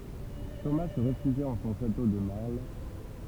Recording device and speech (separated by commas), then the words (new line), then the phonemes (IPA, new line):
temple vibration pickup, read sentence
Thomas se réfugia en son château de Marle.
toma sə ʁefyʒja ɑ̃ sɔ̃ ʃato də maʁl